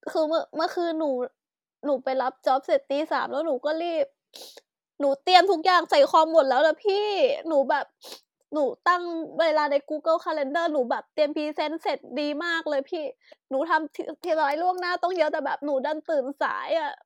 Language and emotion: Thai, sad